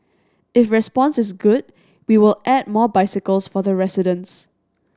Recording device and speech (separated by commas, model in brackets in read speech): standing microphone (AKG C214), read sentence